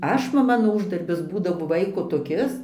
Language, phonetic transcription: Lithuanian, ˈaš nu ˈmano ˈūždarbis ˈbūdavo ˈvaiko toˈkis

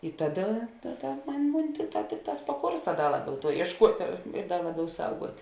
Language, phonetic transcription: Lithuanian, i ˈtaˌda ˈtaˌda ˈmun' ˈmun' ˈtikˌtā ˈtikˌtās paˈkorsta ˈda ˈlaˌbiau ˈtuo iešˈkuotė ir ir ˈdar ˈlaˌbiau ˈsauguot'

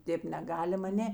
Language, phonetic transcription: Lithuanian, ˈtėp neˈgalim aˈnė

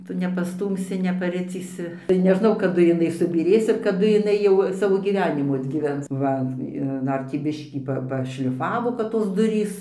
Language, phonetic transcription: Lithuanian, ˈtu nepaˈstūmsi nepaˈricysi tai neˈžnau kaˈdu jiˈnai subyˈrės ir kaˈdu jiˈnai jau ˈsavo gyˈvenimų atgyˈvens ˈva ir ˈdar tį ˈbiškį ˈpa ˈpašliˈfavo kad tos ˈdurys

